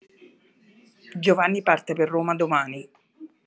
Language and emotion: Italian, angry